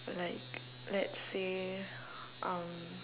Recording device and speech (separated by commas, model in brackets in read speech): telephone, conversation in separate rooms